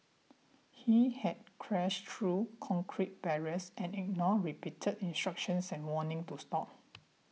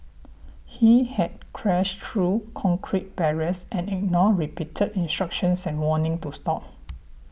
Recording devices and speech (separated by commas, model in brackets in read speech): mobile phone (iPhone 6), boundary microphone (BM630), read sentence